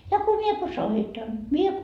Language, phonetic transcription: Finnish, ja ko 'mie ko "soitan , mie ,.
- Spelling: ja kun minä kun soitan minä

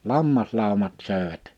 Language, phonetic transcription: Finnish, 'lammaslàomat 'sö̀evät .
- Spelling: lammaslaumat söivät

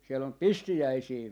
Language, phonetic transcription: Finnish, » siel ‿om "pistijäisii .
- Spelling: siellä on pistiäisiä

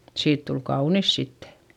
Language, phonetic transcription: Finnish, siit tul kaunis sittE .
- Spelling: siitä tuli kaunis sitten

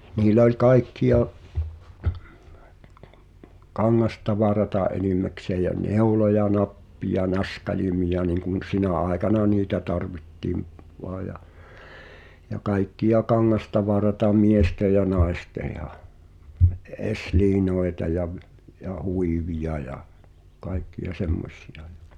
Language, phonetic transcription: Finnish, niilᵃ̈ oĺ 'kaikkiʲa , "kaŋŋastavarata '’enimäksee jä "neuloja "nappija "naska'limija niŋkun "sinä̀ aekana "niitä 'tarvitti̳m , voa ja , ja 'kaikki₍a "kaŋŋastavarata 'mieste ja 'naeste ja , ’e- 'eslii'noeta ja v- , ja 'huivija ja , 'kai̬kki₍a "semmos̳s̳i₍a ᴊᴀ .
- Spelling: niillä oli kaikkia kangastavaraa enimmäkseen ja neuloja nappeja naskaleita niin kuin sinä aikana niitä tarvittiin vain ja ja kaikkia kangastavaraa miesten ja naisten ja - esiliinoja ja - ja huiveja ja kaikkia semmoisia ja

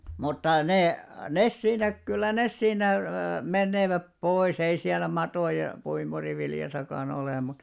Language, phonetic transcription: Finnish, mutta ne , 'nes siinä , kyllä 'nes siinä , 'menneeväp 'pois ‿ei siäl̆§lä 'matòja , 'puimuriviljasaka'n ‿olè mut ,.
- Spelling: mutta ne ne siinä kyllä ne siinä menevät pois ei siellä matoja puimuriviljassakaan ole mutta

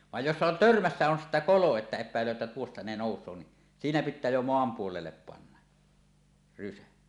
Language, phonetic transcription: Finnish, vaj jossa on "törmässä 'on 'sittä "kolo että ep̆päel̀öö ᵉttä tuosta ne 'nòus̀oo ni , 'siinä "pit̆tää jo 'moam 'puolellep panna , rysä .
- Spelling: vaan jossa on törmässä on sitten kolo että epäilee että tuosta ne nousee niin siinä pitää jo maan puolelle panna rysä

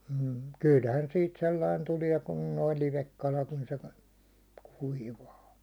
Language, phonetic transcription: Finnish, m̥ , 'kylhän siit 'sellain 'tulia kun noi 'livekkalat on se kᴀ- , 'kuivaa .
- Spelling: mm kyllähän siitä sellainen tulee kun nuo livekalat on se - kuivaa

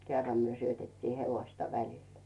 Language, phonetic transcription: Finnish, kerram myö syötettii 'hevoⁱsta 'välil .
- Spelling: kerran me syötettiin hevosta välillä

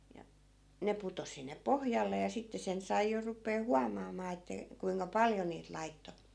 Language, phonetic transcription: Finnish, ja , 'ne putos̆ sinne "pohjalle ja 'sitte sen 'sai jo rupee "huamaamaa että , kuiŋka "paljo niit 'laitto .
- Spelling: ja ne putosi sinne pohjalle ja sitten sen sai jo rupeaa huomaamaan että kuinka paljon niitä laittoi

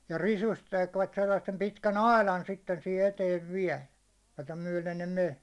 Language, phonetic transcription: Finnish, ja 'risust tekvät 'sellassem 'pitkän "ailan sitten sihe 'eteev "viä̭l , jota 'myäₒlen ne 'men̬ .
- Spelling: ja risusta tekivät sellaisen pitkän aidan sitten siihen eteen vielä jota myöden ne meni

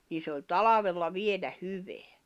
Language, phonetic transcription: Finnish, nii se oĺ "talavella "vielä "hyveä .
- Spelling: niin se oli talvella vielä hyvää

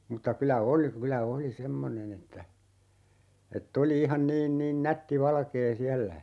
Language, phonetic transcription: Finnish, mᵘtta 'kylä "oli , 'kylä 'oli "semmonen ‿että , 'et"t ‿oli 'ihan 'niin 'niin "nätti 'valkee "siällä (ja) ,.
- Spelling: mutta kyllä oli kyllä oli semmoinen että että oli ihan niin niin nätti valkea siellä ja

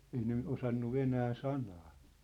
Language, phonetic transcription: Finnish, 'ei ne , "osannu "venää "sanaa .
- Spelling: ei ne osannut venäjän sanaa

